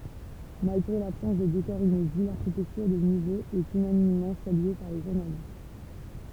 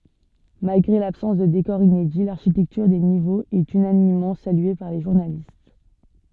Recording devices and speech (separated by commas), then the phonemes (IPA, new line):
temple vibration pickup, soft in-ear microphone, read sentence
malɡʁe labsɑ̃s də dekɔʁz inedi laʁʃitɛktyʁ de nivoz ɛt ynanimmɑ̃ salye paʁ le ʒuʁnalist